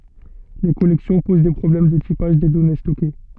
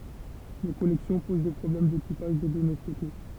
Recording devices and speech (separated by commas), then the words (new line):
soft in-ear microphone, temple vibration pickup, read sentence
Les collections posent des problèmes de typage des données stockées.